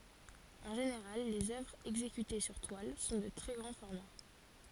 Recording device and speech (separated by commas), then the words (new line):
forehead accelerometer, read sentence
En général, les œuvres exécutées sur toile sont de très grand format.